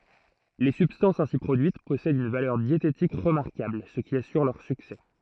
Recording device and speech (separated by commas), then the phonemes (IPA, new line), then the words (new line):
throat microphone, read sentence
le sybstɑ̃sz ɛ̃si pʁodyit pɔsɛdt yn valœʁ djetetik ʁəmaʁkabl sə ki asyʁ lœʁ syksɛ
Les substances ainsi produites possèdent une valeur diététique remarquable, ce qui assure leur succès.